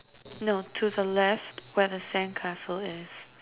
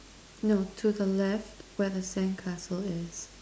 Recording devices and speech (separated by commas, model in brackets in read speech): telephone, standing microphone, conversation in separate rooms